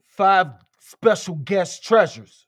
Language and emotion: English, angry